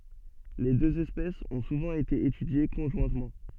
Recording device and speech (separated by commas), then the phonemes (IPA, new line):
soft in-ear microphone, read sentence
le døz ɛspɛsz ɔ̃ suvɑ̃ ete etydje kɔ̃ʒwɛ̃tmɑ̃